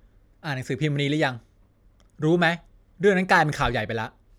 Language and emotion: Thai, frustrated